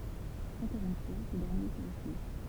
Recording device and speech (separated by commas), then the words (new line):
temple vibration pickup, read sentence
Encore une fois, ce dernier s'y refuse.